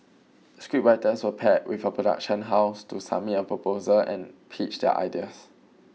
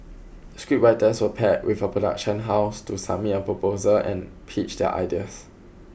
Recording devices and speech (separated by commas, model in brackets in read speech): mobile phone (iPhone 6), boundary microphone (BM630), read sentence